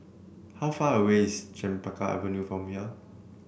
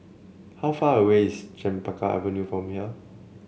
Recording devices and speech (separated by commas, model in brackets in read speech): boundary microphone (BM630), mobile phone (Samsung C7), read sentence